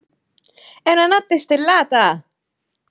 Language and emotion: Italian, happy